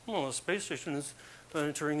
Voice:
takes on monotone voice